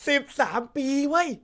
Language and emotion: Thai, happy